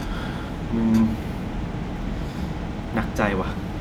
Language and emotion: Thai, frustrated